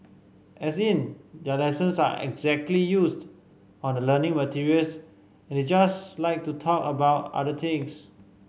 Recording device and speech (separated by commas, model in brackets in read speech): mobile phone (Samsung C5010), read sentence